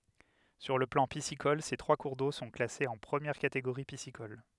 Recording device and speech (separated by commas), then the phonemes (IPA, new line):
headset microphone, read sentence
syʁ lə plɑ̃ pisikɔl se tʁwa kuʁ do sɔ̃ klasez ɑ̃ pʁəmjɛʁ kateɡoʁi pisikɔl